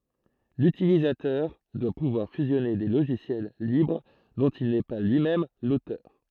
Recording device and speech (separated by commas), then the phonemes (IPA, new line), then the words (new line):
throat microphone, read sentence
lytilizatœʁ dwa puvwaʁ fyzjɔne de loʒisjɛl libʁ dɔ̃t il nɛ pa lyi mɛm lotœʁ
L'utilisateur doit pouvoir fusionner des logiciels libres dont il n'est pas lui-même l'auteur.